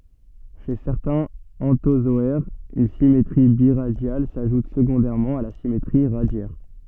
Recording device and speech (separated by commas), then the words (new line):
soft in-ear microphone, read sentence
Chez certains anthozoaires, une symétrie biradiale s'ajoute secondairement à la symétrie radiaire.